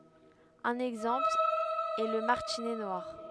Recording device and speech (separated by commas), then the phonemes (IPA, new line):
headset microphone, read sentence
œ̃n ɛɡzɑ̃pl ɛ lə maʁtinɛ nwaʁ